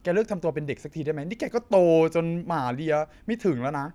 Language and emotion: Thai, frustrated